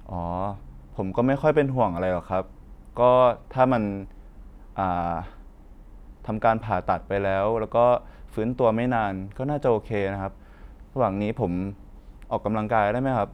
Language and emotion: Thai, neutral